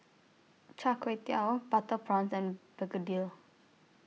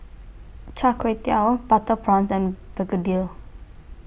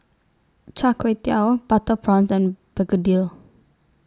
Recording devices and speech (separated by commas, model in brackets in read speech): mobile phone (iPhone 6), boundary microphone (BM630), standing microphone (AKG C214), read sentence